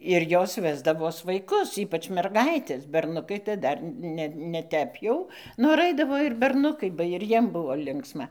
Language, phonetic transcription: Lithuanian, ir ˈjos ˈvesdavos vaiˈkus ˈypač merˈgaites berˈnukai tai ˈdar ˈne ne ˈtep jau nor ˈaidavo ir berˈnukai ba ir ˈjiem ˈbuvo ˈlinksma

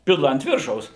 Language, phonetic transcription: Lithuanian, ˈpila ant ˈviršaus

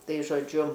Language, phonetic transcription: Lithuanian, ˈtai žoˈdžiu

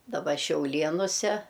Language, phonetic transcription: Lithuanian, daˈba šiauˈlienuse

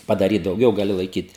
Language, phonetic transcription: Lithuanian, padaˈryt dauˈgiau gaˈli laiˈkyt

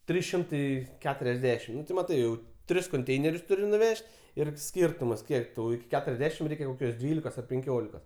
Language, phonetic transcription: Lithuanian, ˈtrys ˈšimtai keturiasˈdešim ˈnu ti maˈtai jau ˈtris konˈteinerius ˈturi nuˈvež't' ir ˈskyrtumas ˈkiek tau iki ˈketuriasˌdešim ˈreikia koˈkios ˈdvylikos ar penˈkiolikos

